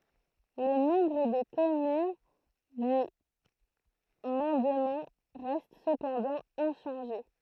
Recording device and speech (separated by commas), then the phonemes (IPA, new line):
throat microphone, read sentence
lə nɔ̃bʁ də kɔmyn dy mɑ̃dmɑ̃ ʁɛst səpɑ̃dɑ̃ ɛ̃ʃɑ̃ʒe